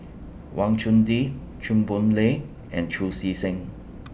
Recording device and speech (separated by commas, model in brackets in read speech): boundary microphone (BM630), read sentence